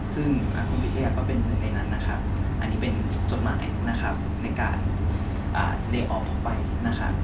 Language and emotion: Thai, neutral